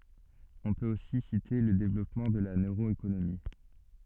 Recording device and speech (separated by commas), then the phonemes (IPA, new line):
soft in-ear microphone, read sentence
ɔ̃ pøt osi site lə devlɔpmɑ̃ də la nøʁoekonomi